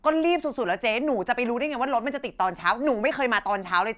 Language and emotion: Thai, angry